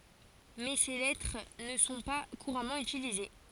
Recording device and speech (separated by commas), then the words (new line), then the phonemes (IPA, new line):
forehead accelerometer, read sentence
Mais ces lettres ne sont pas couramment utilisés.
mɛ se lɛtʁ nə sɔ̃ pa kuʁamɑ̃ ytilize